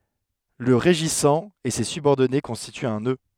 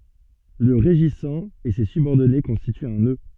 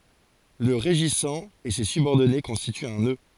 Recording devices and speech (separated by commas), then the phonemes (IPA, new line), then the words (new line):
headset microphone, soft in-ear microphone, forehead accelerometer, read sentence
lə ʁeʒisɑ̃ e se sybɔʁdɔne kɔ̃stityt œ̃ nø
Le régissant et ses subordonnés constituent un nœud.